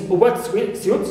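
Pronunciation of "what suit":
In 'wet suit', the stress is on the second word, 'suit'.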